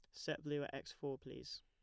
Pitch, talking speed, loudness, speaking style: 135 Hz, 250 wpm, -46 LUFS, plain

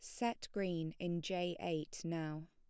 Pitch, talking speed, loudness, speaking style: 175 Hz, 155 wpm, -41 LUFS, plain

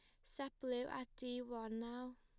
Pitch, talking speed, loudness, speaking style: 250 Hz, 185 wpm, -46 LUFS, plain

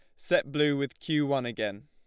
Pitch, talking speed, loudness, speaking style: 140 Hz, 215 wpm, -29 LUFS, Lombard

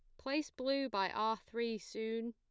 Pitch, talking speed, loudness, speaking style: 230 Hz, 170 wpm, -38 LUFS, plain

